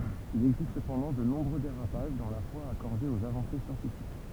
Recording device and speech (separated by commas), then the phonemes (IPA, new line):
temple vibration pickup, read sentence
il ɛɡzist səpɑ̃dɑ̃ də nɔ̃bʁø deʁapaʒ dɑ̃ la fwa akɔʁde oz avɑ̃se sjɑ̃tifik